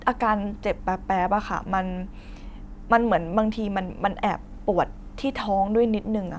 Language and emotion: Thai, neutral